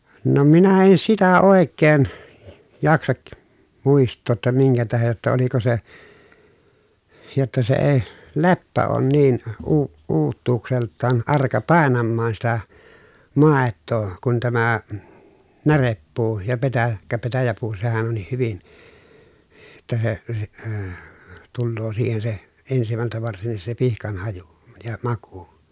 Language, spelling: Finnish, no minä en sitä oikein jaksa muistaa jotta minkä tähden jotta oliko se jotta se ei leppä ole niin - uutuudeltaan arka painamaan sitä maitoa kuin tämä närepuu ja - petäjäpuu petäjäpuu sehän onkin hyvin jotta se - - tulee siihen se ensimmältä varsinkin se pihkan haju ja maku
- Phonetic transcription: no minä en sitä òekkeen , jaksak , mùist̆too ‿tta miŋkä tähej jotta oliko se , jotta se ee , leppä oon niin , uu- , uuttuukselttaan arka pàenammaan sitä , màettoo kun tämä , näreppuu ja petä- , kä petäjäpuu sehän onnih hyvin , [jot]ta se , si- əə , tulloo siihen se , ensimältä varsinnis se pihkan haju , ja maku .

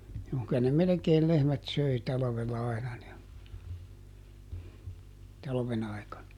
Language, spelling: Finnish, juu kyllä ne melkein lehmät söi talvella aina ne talven aikana
- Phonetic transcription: juu ky₍ä ne ˈmelekeel ˈlehmät "söi ˈtalᵃvella ˈaina ne , ˈtalven ‿aikan(a) .

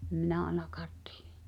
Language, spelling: Finnish, en minä ainakaan tiedä
- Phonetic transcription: ᵉm 'minä "aĕnakaat tɪɪᴶ(ᴇ) .

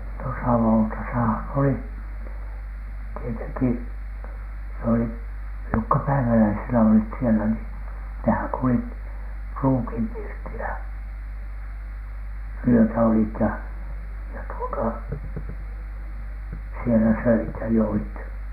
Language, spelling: Finnish, no savotassahan oli tietenkin se oli jotka päiväläisenä olivat siellä niin nehän kulkivat pruukinpirtillä yötä olivat ja ja tuota siellä söivät ja joivat
- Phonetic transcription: no "savòtasahan oli , tieteŋki , s ‿oli , jokka "päiväläisenä olit sielä nii , nehäŋ 'kulit , "pruukimpirtilä , 'wyötä olit ja , ja tuota , sielä 'söit ja 'joit .

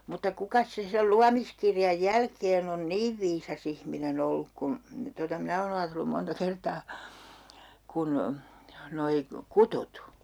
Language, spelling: Finnish, mutta kukas se sen luomiskirjan jälkeen on niin viisas ihminen ollut kuin tuota minä olen ajatellut monta kertaa kuin nuo kutut
- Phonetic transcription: mutta 'kukas se sel 'luamiskirjaj 'jälkeen ‿on "niiv 'viisa's ‿ihminen ‿olluk kun , tota 'minä oon ‿aatellum 'monta 'kertaa , 'kun , 'noi , "kutut !

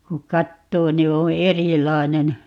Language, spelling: Finnish, kun katsoo niin on erilainen
- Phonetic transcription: 'kuk̆ "kattoo ni 'oo̰ "erilainen .

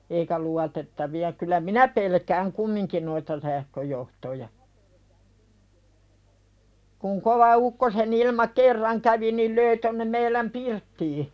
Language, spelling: Finnish, eikä luotettavia kyllä minä pelkään kumminkin noita sähköjohtoja kun kova ukkosenilma kerran kävi niin löi tuonne meidän pirttiin
- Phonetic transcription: eikä 'luatettavi₍a kyl̆lä "minä pelkääŋ 'kummiŋkin noita sähköjohtoja , kuŋ kova ukkose'nilma "kerraŋ kävi nil 'löi tonnem meiläm "pirttii .

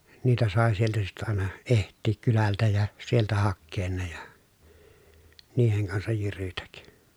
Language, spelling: Finnish, niitä sai sieltä sitten aina etsiä kylältä ja sieltä hakea ne ja niiden kanssa jyrytä
- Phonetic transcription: niitä sàe sieltä sittä àena , eht̆tiik kylältä ja , sieltä hakkeen ne ja , niiheŋ kansaj jyrytäk .

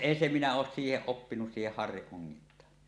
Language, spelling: Finnish, en se minä ole siihen oppinut siihen harrin ongintaan
- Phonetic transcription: 'een se minä oos 'siiheˀ "ˀoppinus siiheh 'harriˀ 'ˀoŋŋint̀aa .

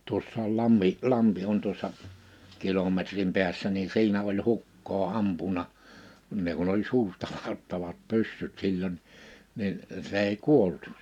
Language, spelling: Finnish, tuossa on lammi lampi on tuossa kilometrin päässä niin siinä oli hukkaa ampunut kun ne kun oli suustaladattavat pyssyt silloin niin se ei kuollut
- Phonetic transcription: 'tuossa ‿ol 'lammi , 'lampi on tuossa , 'kilometrim 'pḙässä ni 'si̬inä oĺ 'hukkoo 'ampuna , (kun) ne kun ‿oĺ 'suustalaattavat 'pyssyt 'silloń , nin , 'se ‿ei "kuollᴜt .

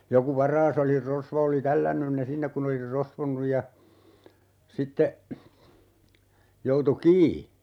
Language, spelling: Finnish, joku varas oli rosvo oli tällännyt ne sinne kun oli ne rosvonnut ja sitten joutui kiinni
- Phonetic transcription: 'joku "var̀aas ‿oli 'rosvo oli "tällännyn ne 'sinnek kun ‿oli (ne) 'rosvonnuj ja , 'sitte , 'joutu "kii .

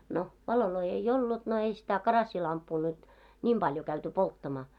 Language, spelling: Finnish, no valoja ei ollut no ei sitä karassilamppua nyt niin paljon käyty polttamaan
- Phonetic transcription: no , 'valoloi ei "ollut no ei sitä 'karassilamppuu nyt , 'ńim 'ʙaljo käyty 'polttamaa .

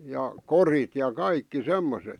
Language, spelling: Finnish, ja korit ja kaikki semmoiset
- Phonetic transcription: ja "korit ja "kaikki "semmoset .

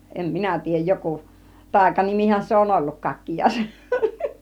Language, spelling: Finnish, en minä tiedä joku taikanimihän se on ollut kakkiaisen
- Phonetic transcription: 'em "minä 'tiijjäj 'joku , 'tàikanimihän se on "olluk 'kakkijài(sen) .

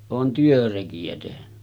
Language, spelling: Finnish, olen työrekiä tehnyt
- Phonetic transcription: oon 'työreki₍ä tehny .

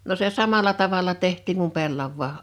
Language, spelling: Finnish, no se samalla tavalla tehtiin kuin pellavakin
- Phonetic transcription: no se "samala 'tavala 'teht̆tiiŋ kum "pellavvaa .

